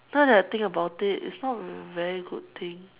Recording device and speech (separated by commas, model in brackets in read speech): telephone, conversation in separate rooms